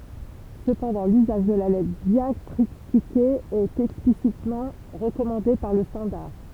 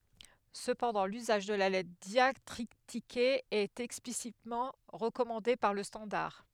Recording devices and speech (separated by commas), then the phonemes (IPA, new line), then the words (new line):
temple vibration pickup, headset microphone, read sentence
səpɑ̃dɑ̃ lyzaʒ də la lɛtʁ djaktʁitike ɛt ɛksplisitmɑ̃ ʁəkɔmɑ̃de paʁ lə stɑ̃daʁ
Cependant, l'usage de la lettre diactritiquée est explicitement recommandée par le standard.